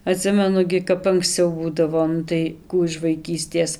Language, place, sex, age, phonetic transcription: Lithuanian, Dzūkija, female, 18-60, aˈtsimenu gi kap anksˈciau ˈbūdavo ˈnu tai ˈkų iš vaiˈkystės

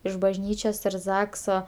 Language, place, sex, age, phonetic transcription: Lithuanian, Aukštaitija, female, 18-60, iš bažˈnyčios ir ˈzakso

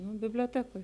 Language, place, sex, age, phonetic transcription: Lithuanian, Žemaitija, female, 18-60, nu biblioˈtekoj

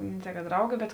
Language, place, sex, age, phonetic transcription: Lithuanian, Žemaitija, female, 18-60, ne tei ka ˈdraugi bet

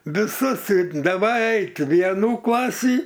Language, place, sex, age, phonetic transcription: Lithuanian, Aukštaitija, male, 60+, viˈsus i daˈvai ˈait' ˈvienų ˈklasį

